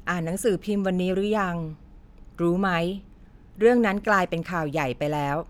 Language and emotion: Thai, neutral